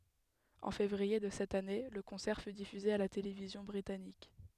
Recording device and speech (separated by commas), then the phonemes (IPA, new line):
headset microphone, read sentence
ɑ̃ fevʁie də sɛt ane lə kɔ̃sɛʁ fy difyze a la televizjɔ̃ bʁitanik